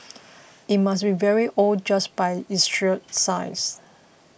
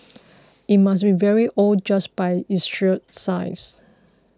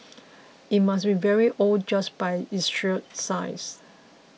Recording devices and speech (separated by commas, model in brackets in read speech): boundary microphone (BM630), close-talking microphone (WH20), mobile phone (iPhone 6), read sentence